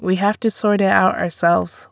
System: none